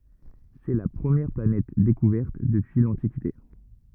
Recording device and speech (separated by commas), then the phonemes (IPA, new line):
rigid in-ear microphone, read sentence
sɛ la pʁəmjɛʁ planɛt dekuvɛʁt dəpyi lɑ̃tikite